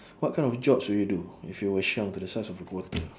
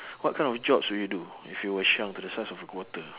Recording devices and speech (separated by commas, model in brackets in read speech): standing microphone, telephone, conversation in separate rooms